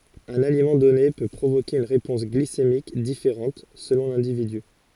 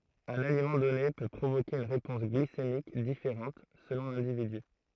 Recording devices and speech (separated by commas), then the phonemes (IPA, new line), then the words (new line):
forehead accelerometer, throat microphone, read sentence
œ̃n alimɑ̃ dɔne pø pʁovoke yn ʁepɔ̃s ɡlisemik difeʁɑ̃t səlɔ̃ lɛ̃dividy
Un aliment donné peut provoquer une réponse glycémique différente selon l’individu.